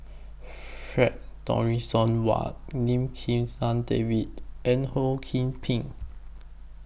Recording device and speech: boundary microphone (BM630), read sentence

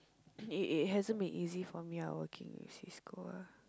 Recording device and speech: close-talking microphone, conversation in the same room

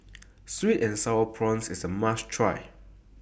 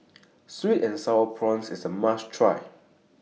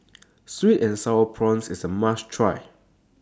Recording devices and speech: boundary microphone (BM630), mobile phone (iPhone 6), standing microphone (AKG C214), read sentence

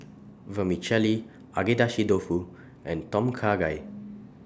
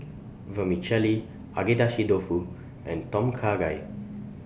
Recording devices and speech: standing microphone (AKG C214), boundary microphone (BM630), read sentence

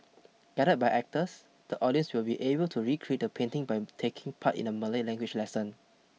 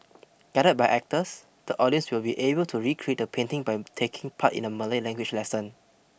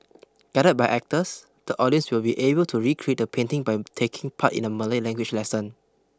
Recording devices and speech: mobile phone (iPhone 6), boundary microphone (BM630), close-talking microphone (WH20), read sentence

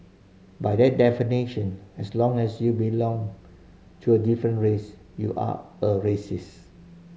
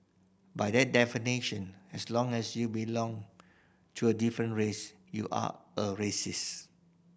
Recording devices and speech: mobile phone (Samsung C5010), boundary microphone (BM630), read sentence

